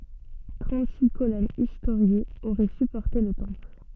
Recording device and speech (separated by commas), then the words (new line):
soft in-ear microphone, read sentence
Trente-six colonnes historiées auraient supporté le temple.